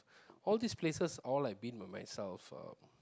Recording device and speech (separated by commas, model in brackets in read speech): close-talking microphone, conversation in the same room